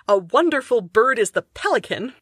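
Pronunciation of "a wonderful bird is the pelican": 'A wonderful bird is the pelican' has ten syllables but only three stresses.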